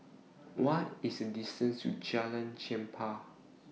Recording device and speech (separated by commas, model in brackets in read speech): mobile phone (iPhone 6), read sentence